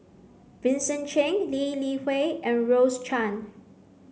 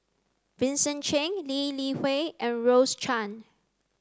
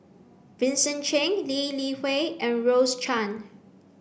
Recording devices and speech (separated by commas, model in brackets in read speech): mobile phone (Samsung C9), close-talking microphone (WH30), boundary microphone (BM630), read sentence